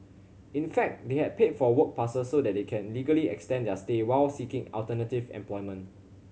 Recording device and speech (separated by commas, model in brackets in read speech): mobile phone (Samsung C7100), read sentence